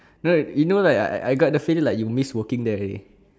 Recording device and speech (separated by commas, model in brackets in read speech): standing microphone, conversation in separate rooms